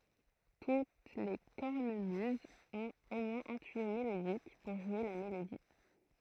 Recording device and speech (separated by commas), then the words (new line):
throat microphone, read sentence
Toutes les cornemuses ont au moins un tuyau mélodique, pour jouer la mélodie.